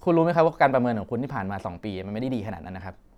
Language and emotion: Thai, frustrated